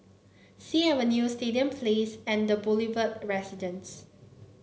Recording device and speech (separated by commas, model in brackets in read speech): mobile phone (Samsung C9), read sentence